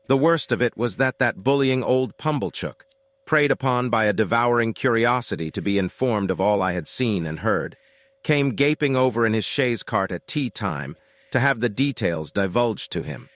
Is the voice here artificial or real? artificial